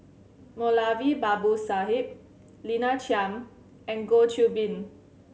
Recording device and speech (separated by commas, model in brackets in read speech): mobile phone (Samsung C7100), read sentence